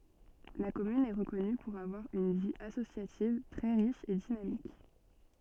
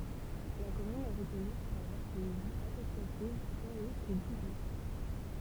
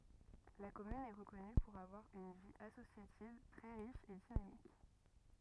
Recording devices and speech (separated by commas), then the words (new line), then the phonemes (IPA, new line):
soft in-ear microphone, temple vibration pickup, rigid in-ear microphone, read sentence
La commune est reconnue pour avoir une vie associative très riche et dynamique.
la kɔmyn ɛ ʁəkɔny puʁ avwaʁ yn vi asosjativ tʁɛ ʁiʃ e dinamik